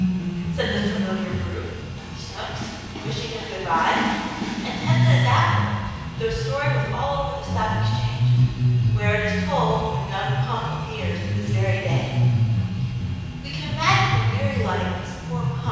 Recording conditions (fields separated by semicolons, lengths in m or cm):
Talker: one person; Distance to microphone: 7.1 m; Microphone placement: far; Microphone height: 1.7 m; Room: very reverberant, large; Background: music